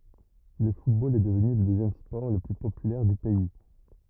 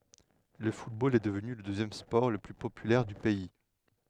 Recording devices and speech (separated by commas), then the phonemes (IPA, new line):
rigid in-ear microphone, headset microphone, read sentence
lə futbol ɛ dəvny lə døzjɛm spɔʁ lə ply popylɛʁ dy pɛi